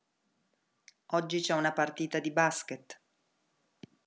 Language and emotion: Italian, neutral